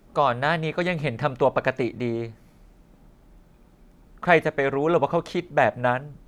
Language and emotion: Thai, frustrated